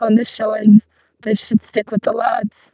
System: VC, vocoder